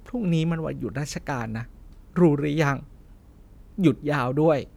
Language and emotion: Thai, sad